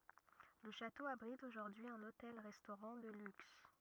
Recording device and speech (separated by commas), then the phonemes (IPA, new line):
rigid in-ear microphone, read sentence
lə ʃato abʁit oʒuʁdyi œ̃n otɛl ʁɛstoʁɑ̃ də lyks